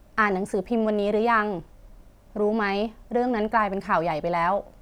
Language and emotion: Thai, neutral